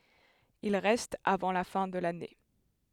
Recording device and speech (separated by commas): headset microphone, read sentence